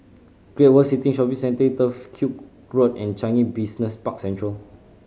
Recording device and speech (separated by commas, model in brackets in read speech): mobile phone (Samsung C5010), read sentence